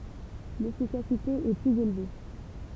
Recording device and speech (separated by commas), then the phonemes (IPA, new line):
temple vibration pickup, read sentence
lefikasite ɛ plyz elve